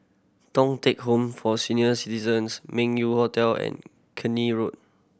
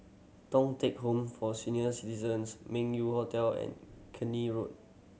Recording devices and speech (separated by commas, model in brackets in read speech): boundary microphone (BM630), mobile phone (Samsung C7100), read sentence